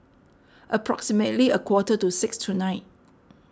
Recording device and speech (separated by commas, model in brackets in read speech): standing microphone (AKG C214), read sentence